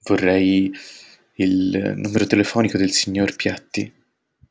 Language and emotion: Italian, fearful